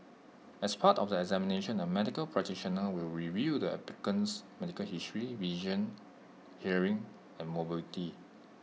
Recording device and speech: mobile phone (iPhone 6), read sentence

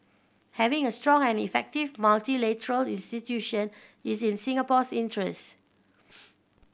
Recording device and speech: boundary microphone (BM630), read sentence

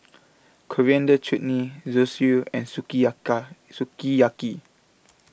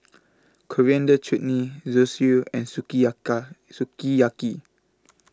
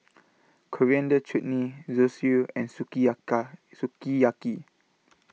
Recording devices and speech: boundary microphone (BM630), close-talking microphone (WH20), mobile phone (iPhone 6), read sentence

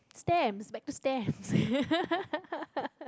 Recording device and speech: close-talking microphone, conversation in the same room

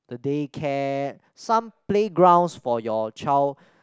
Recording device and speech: close-talking microphone, conversation in the same room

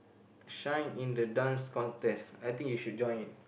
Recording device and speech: boundary microphone, conversation in the same room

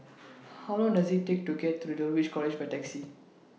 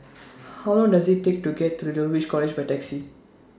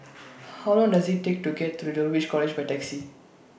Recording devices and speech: mobile phone (iPhone 6), standing microphone (AKG C214), boundary microphone (BM630), read sentence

